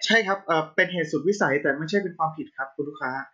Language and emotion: Thai, neutral